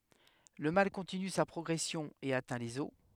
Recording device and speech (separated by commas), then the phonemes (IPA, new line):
headset microphone, read sentence
lə mal kɔ̃tiny sa pʁɔɡʁɛsjɔ̃ e atɛ̃ lez ɔs